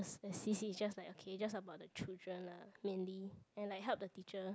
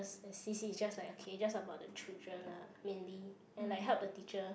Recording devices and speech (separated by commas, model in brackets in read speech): close-talking microphone, boundary microphone, conversation in the same room